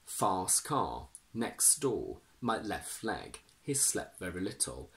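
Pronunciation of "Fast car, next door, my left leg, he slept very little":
In 'fast car', 'next door', 'left leg' and 'slept very', the t sound is dropped completely, with no glottal stop.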